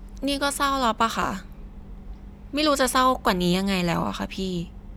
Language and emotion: Thai, frustrated